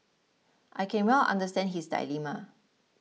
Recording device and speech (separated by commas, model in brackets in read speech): mobile phone (iPhone 6), read sentence